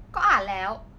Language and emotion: Thai, happy